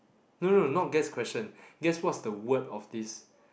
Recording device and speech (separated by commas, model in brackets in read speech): boundary microphone, conversation in the same room